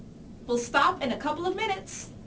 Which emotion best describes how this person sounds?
happy